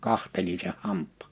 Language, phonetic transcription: Finnish, 'kahteli(n) seh 'hamp̆pà .
- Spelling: katselin sen hampaan

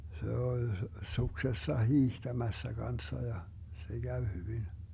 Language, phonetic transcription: Finnish, 'se 'ol , 'suksessa "hiihtämässä 'Ganssa ja , 'se 'Gäv 'hyvin .
- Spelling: se oli suksessa hiihtämässä kanssa ja se kävi hyvin

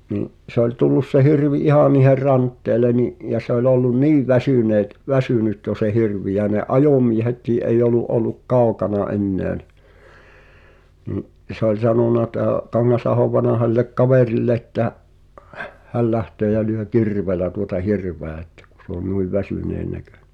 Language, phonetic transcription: Finnish, niḭ , se ‿oĺ "tullus se "hirvi "ihà niiher 'rantteele ni’ , ja se ‿oĺ ‿ollun "niiv 'väsỳneet , "väsynyt jo se "hirv̳̀i ja ne "’ajòmiehet̀ii ’eij ‿olu’ '’ol̆luk "kau̬kana '’enneä ni̬ , nì’ , se ‿ol 'sanona tää , 'Kaŋŋasahov 'vanaha [s]illek "kaverille ‿ttä , 'häl 'lähtöö jä lyö "kirveelä tuota "hirv̀eä ettᴀ̈ kᵁ s ‿oo "nuiv̆ "väsỳneen näkᴏ̈ɴᴇ .
- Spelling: niin se oli tullut se hirvi ihan niiden rantteelle niin ja se oli ollut niin väsyneet väsynyt jo se hirvi ja ne ajomiehetkin ei ollut ollut kaukana enää niin niin se oli sanonut tämä Kangasahon vanha sille kaverille että hän lähtee ja lyö kirveellä tuota hirveä että kun se on noin väsyneen näköinen

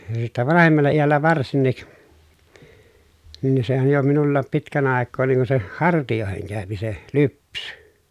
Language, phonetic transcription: Finnish, (ja) sittä vanahemalla ijällä varsinnik , nin ni sehän̬ jo minullaap pitkän àekkoo niŋ kun se , hartijòeheŋ kä̀öpi se , lypsY .
- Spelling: ja sitten vanhemmalla iällä varsinkin niin niin sehän jo minullakin pitkän aikaa niin kuin se hartioihin käy se lypsy

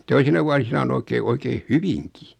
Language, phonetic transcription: Finnish, 'toisina vuasina o'n ‿oikee 'oikeen "hyviŋki .
- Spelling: toisina vuosina on oikein oikein hyvinkin

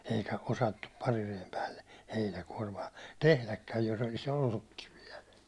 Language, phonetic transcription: Finnish, eikä 'osattup parirejem päälle , 'heinäkuårmaa , "tehläkkäj jos ‿oli's ‿ollukkiv viɛl .
- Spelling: eikä osattu parireen päälle heinäkuormaa tehdäkään jos olisi ollutkin vielä

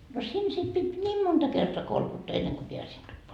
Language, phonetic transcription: Finnish, no 'siin sit pit "ńiim 'monta 'kertoa "kolkuttaa enneŋ ko 'peäsin tuppoa .
- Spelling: no siinä sitten piti niin monta kertaa kolkuttaa ennen kuin pääsin tupaan

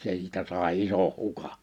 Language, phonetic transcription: Finnish, 'siitä sài 'isoh 'huka .
- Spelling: siitä sai ison hukan

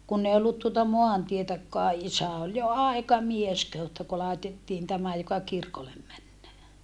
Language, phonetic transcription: Finnish, kunn ‿ei ollut tuota moantietäkkoa ʼisä ol jo àikamies kehu että ku làetettiin tämä joka kirkolem männee .
- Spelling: kun ei ollut tuota maantietäkään isä oli jo aikamies kehui että kun laitettiin tämä joka kirkolle menee

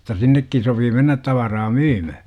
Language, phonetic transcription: Finnish, (jot)ta 'sinnekkin sopii mennät 'tavaraa "myymä - .
- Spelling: jotta sinnekin sopi mennä tavaraa myymään

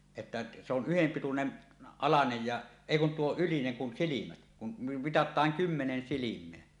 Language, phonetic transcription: Finnish, 'että , se ‿on "yhempitunen , "alanej ja , "èi 'kun 'tuo "ylineŋ kun 'silimät , kum mi- 'mitat̀aaŋ "kymmenen "silim̀eä .
- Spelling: että se on yhdenpituinen alanen ja ei kun tuo ylinen kun silmät kun - mitataan kymmenen silmää

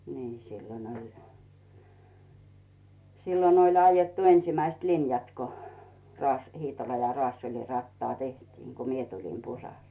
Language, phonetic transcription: Finnish, nii , sillon ‿oĺ , 'sillon ‿oĺ aijattu 'ensⁱmäist "linjat ko Raas- , 'Hiitola ja 'Rᵒaassel͕i rattaa 'tehtiiŋ Gu mie tulim 'Pusal .
- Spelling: niin silloin oli silloin oli aidattu ensimmäiset linjat kun - Hiitola ja Raasulin rataa tehtiin kun minä tulin Pusalle

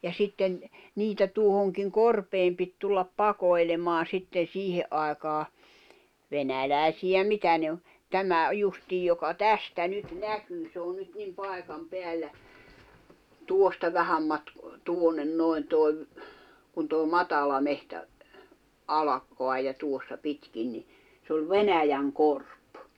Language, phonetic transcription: Finnish, ja 'sitten , 'niitä tuohoŋkiŋ 'korpeem pit tullap "pakoi̬lemaa 'sitten̬ "siihe’ ’ài̬kaa , 'venälä̀i̬siʲä "mitä ne o , 'tämä , 'justiij joka "tästä 'nyt "näkyy se on nyt nim 'pai̬kam 'peällä , "tuosta 'vähäm matk- , 'tuonnen 'noi̬n toi̬ ‿v- , kun tòi̬ "matala mehtä , ala- , -koa ja 'tuossa "pitkin ni , s ‿ol "Venäjäŋ'korp .
- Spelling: ja sitten niitä tuohonkin korpeen piti tulla pakoilemaan sitten siihen aikaan venäläisiä mitä ne on tämä justiin joka tästä nyt näkyy se on nyt niin paikan päällä tuosta vähän - tuonne noin tuo - kun tuo matala metsä - alkaa ja tuossa pitkin niin se oli Venäjänkorpi

